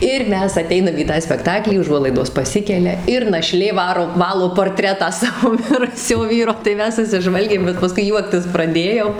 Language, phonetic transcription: Lithuanian, ir ˈmes aˈteinam į ˈtą spekˈtaklį uˈžuolaidos paˈsikelia ir naˈšlė ˈvaro ˈvalo porˈtretą ˈsavo ˈmirusio ˈvyro tai ˈmes susiˈžvalgėm bet paˈskui ˈjuoktis praˈdėjom

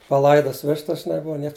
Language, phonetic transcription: Lithuanian, paˈlaidas ˈvištas žiˈnai ˈbuva ˈnieks

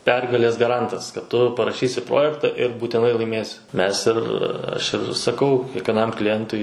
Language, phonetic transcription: Lithuanian, ˈpergalės gaˈrantas kad ˈtu paraˈšysi ˈprojekta ir būtiˈnai laiˈmėsi ˈmes ir ˈaš ir saˈkau kiekvieˈnam kliˈjentui

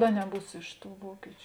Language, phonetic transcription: Lithuanian, a neˈbūs ˈiš ˌtų ˈvuokičiu

